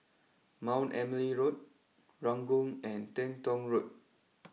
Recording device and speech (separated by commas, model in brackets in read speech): mobile phone (iPhone 6), read sentence